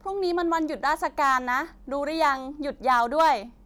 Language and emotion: Thai, happy